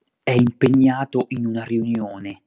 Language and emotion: Italian, angry